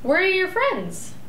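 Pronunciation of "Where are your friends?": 'Where are your friends?' is asked with a rising intonation.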